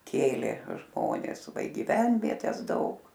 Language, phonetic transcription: Lithuanian, ˈkėlė ˈžmones ˈva i gyˈvenvietes ˈdaug

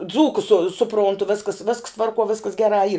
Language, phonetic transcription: Lithuanian, ˈdzūkus su suˈprontu ˈviskas visks ˈtvarkuo ˈviskas ˈgerā yr

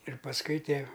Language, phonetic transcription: Lithuanian, ir pasˈkui ˈtie

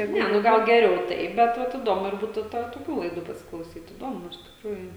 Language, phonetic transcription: Lithuanian, ˈne nu ˈgal geˈriau ˈtai bet ˈvat iˈdomu ir ˈbūtu ˈtą toˈkių laiˈdų pasiklauˈsyt įˈdomu iš tikˈrųju

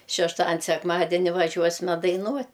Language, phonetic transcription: Lithuanian, šešˈtadin' sekˈmadeni vaˈžiuos'me daiˈnuot'

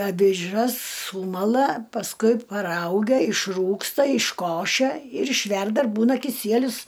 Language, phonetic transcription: Lithuanian, aviˈžas ˈsūmala pasˈkui paˈraugia išˈrūgsta išˈkošia ir išˈverda ir ˈbūna kiˈsielius

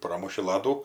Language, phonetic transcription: Lithuanian, ˈpromuši ˈladų

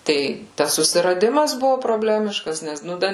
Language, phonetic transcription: Lithuanian, ˈtai ˈtas susiraˈdimas ˈbuvu proˈblemiškas ˈnes nu ˈda

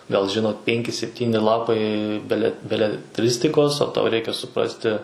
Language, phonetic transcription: Lithuanian, gal ˈžinot ˈpenki sepˈtyni ˈlapai ˈbele beleˈtristikos o tauˈ reikia suˈprasti

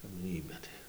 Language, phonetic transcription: Lithuanian, kap ˈgnybia tai

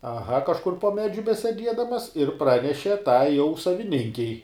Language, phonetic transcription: Lithuanian, aˈha kažˈkur po ˈmedžiu beseˈdiedamas ir ˈpraneše ˈtai jau saviˈninkei

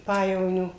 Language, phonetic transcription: Lithuanian, ˈpajevonio

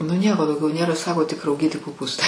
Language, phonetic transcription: Lithuanian, nu ˈnieko dauˈgiau ˈnėra ˈsako tik rauˈgyti koˈpūstai

